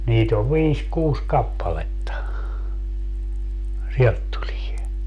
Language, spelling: Finnish, niitä on viisi kuusi kappaletta sieltä tulee
- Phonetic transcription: 'niit ‿ov "viis 'kuus 'kappaletta , 'sielt tulie .

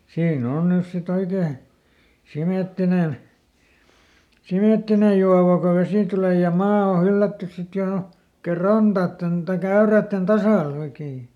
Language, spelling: Finnish, siinä on nyt sitten oikein sementtinen sementtinen juova kun vesi tulee ja maa on hyllätty sitten jo oikein rantojen tai äyräiden tasalle oikein
- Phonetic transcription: ˈsiiˈn ‿on ˈnys si"t ‿oikee , ˈsimèttinen , "simèttinej̆ juava ko ˈvesi tulè ja "maa o ˈhyllättys sit ˈjò , oikee "rantaatten , taiˈk ‿äyrä̀tten "tasàˈl ‿oikee .

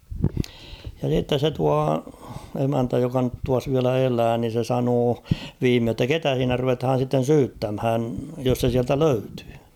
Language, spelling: Finnish, ja sitten se tuo emäntä joka nyt tuossa vielä elää niin se sanoi viimein että ketä siinä ruvetaan sitten syyttämään jos se sieltä löytyy
- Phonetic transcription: ja s̬itte se 'tua , 'emäntä joka nyt 'tuas viälä "elää ni se 'sanoo , 'viimee ‿ttä "ketä s̬iinä 'ruvethaan̬ sitten̬ "syyttämhän̳ jos se 'siältä "löytʏʏ .

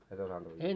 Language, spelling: Finnish, et osannut uida
- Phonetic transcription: et 'osanᴅ uijjuu .

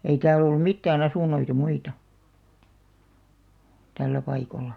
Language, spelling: Finnish, ei täällä ollut mitään asuntoja muita tällä paikalla
- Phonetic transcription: ei 'tääl ‿ollum̆ "mittää'n ‿asùn̆noita 'muita , 'tällä 'paikolla .

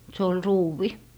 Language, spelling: Finnish, se oli ruuvi
- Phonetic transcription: se ol "ruuvi .

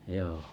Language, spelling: Finnish, joo
- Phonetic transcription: jooh .

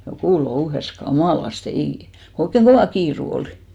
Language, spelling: Finnish, joku louhi kamalasti ei kun oikein kova kiire oli
- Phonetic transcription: 'jokù "louhes 'ka"màlaste , 'eì , ko oikkeŋ "ɢovà 'kiiru 'olɪ .

